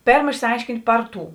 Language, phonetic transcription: Lithuanian, ˈpėrm išsiˈaiškint' ˈpar ˌtų

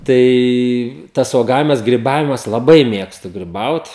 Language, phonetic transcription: Lithuanian, ˈtai ˈtas uoˈgavimas griˈbavimas laˈbai ˈmėgstu griˈbaut

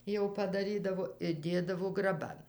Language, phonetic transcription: Lithuanian, jau padaˈrydavo ir ˈdėdavo graˈban

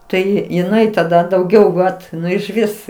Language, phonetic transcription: Lithuanian, ˈtai jiˈnai taˈda dauˈgiau ˈvat ˈnu išˈvis

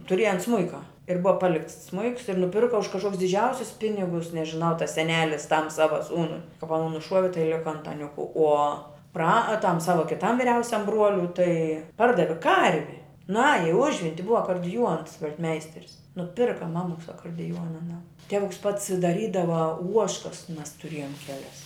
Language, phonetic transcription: Lithuanian, tuˈrieja ˈans ˈsmuika ir ˈbuva ˈpalikts ˈsmuiks ir nuˈpirka už kažˈkokius diˈdžiausius ˈpinigus nežiˈnau tas seˈnelis ˈtam ˈsava ˈsūnui kap aˈnų nuˈšuovi tai ˈlika antaˈniuku uo pra a tam ˈsava kiˈtam viˈriausiam ˈbruoliui tai ˈpardavi ˈkarvi ˈnaja i ˈužvinti ˈbuva akurdiˈjuons vel't'ˈmeisteris nuˈpirka ˈmamuks akardiˈjuona aˈnam ˈtevuks ˈpats daˈrydava ˈuožkas mes tuˈrėjom ˈkelias

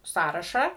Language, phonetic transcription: Lithuanian, ˈsąrašą

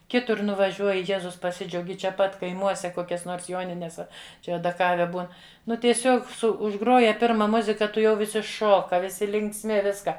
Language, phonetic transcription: Lithuanian, ˈkitur nuvaˈžiuoji ˈjezus paˈsidžiaugi čia ˈpat kaiˈmuose ˈkokias ˈnors ˈjonines ˈa ˈčia adaˈkave ˈbūn ˈnu tieˈsiog ˈsu užˈgroja ˈpirma ˈmuzika tuˈjau viˈsi ˈšoka viˈsi linksˈmi ˈviska

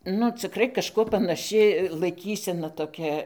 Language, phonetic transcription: Lithuanian, nu ciˈkrai kažˈkuo panaˈši laiˈkysena toˈkia

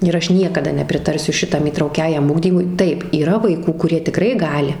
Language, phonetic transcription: Lithuanian, ir ˈaš ˈniekada nepriˈtarsiu ˈšitam įtrauˈkiajam ˈugdymui ˈtaip yˈra vaiˈkų kuˈrie tiˈkrai ˈgali

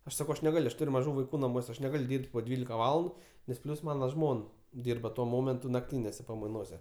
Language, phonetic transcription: Lithuanian, ˈaš saˈkau ˈaš neˈgal' ˈaš ˈtur' maˈžų vaiˈkų naˈmuose ˈaš neˈgal' ˈdyrb't' po ˈdvylika ˈvalandu nes ˈplius ˈmana ˈžmon ˈdyrba tuo ˈmomentu nakˈtynėse pamaiˈnose

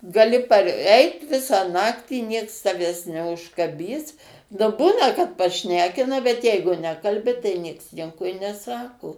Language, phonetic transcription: Lithuanian, gaˈli parˈeit ˈvisą ˈnaktį nieks taˈvęs neužkaˈbys nu ˈbūna kad paˈšnekina bet ˈjeigu ˈnekalbi tai ˈnieks ˈnieko i neˈsako

